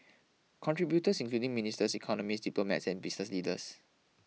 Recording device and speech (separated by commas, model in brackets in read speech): mobile phone (iPhone 6), read sentence